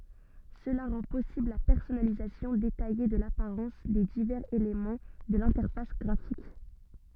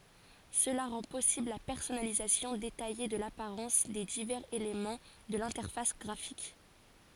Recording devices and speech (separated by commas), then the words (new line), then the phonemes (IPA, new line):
soft in-ear microphone, forehead accelerometer, read sentence
Cela rend possible la personnalisation détaillée de l'apparence des divers éléments de l'interface graphique.
səla ʁɑ̃ pɔsibl la pɛʁsɔnalizasjɔ̃ detaje də lapaʁɑ̃s de divɛʁz elemɑ̃ də lɛ̃tɛʁfas ɡʁafik